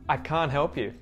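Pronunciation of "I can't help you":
In "I can't help you", the t at the end of "can't" is muted.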